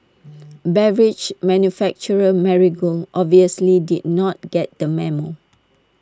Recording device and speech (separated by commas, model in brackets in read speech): standing microphone (AKG C214), read sentence